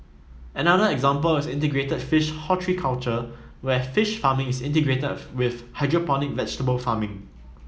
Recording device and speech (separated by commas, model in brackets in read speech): mobile phone (iPhone 7), read sentence